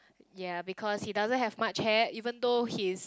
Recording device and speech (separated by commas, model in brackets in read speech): close-talking microphone, conversation in the same room